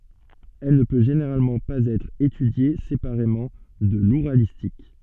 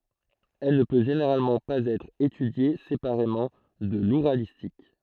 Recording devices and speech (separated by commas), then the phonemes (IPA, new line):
soft in-ear microphone, throat microphone, read sentence
ɛl nə pø ʒeneʁalmɑ̃ paz ɛtʁ etydje sepaʁemɑ̃ də luʁalistik